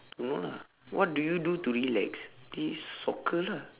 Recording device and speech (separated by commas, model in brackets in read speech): telephone, conversation in separate rooms